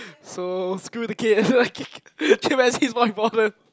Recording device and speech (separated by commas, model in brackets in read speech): close-talking microphone, conversation in the same room